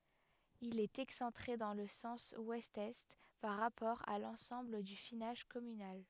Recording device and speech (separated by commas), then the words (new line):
headset microphone, read sentence
Il est excentré dans le sens ouest-est par rapport à l'ensemble du finage communal.